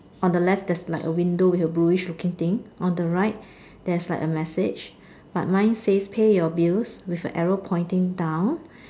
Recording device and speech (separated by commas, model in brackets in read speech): standing microphone, conversation in separate rooms